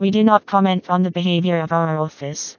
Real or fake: fake